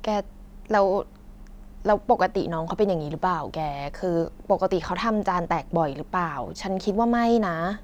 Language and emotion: Thai, neutral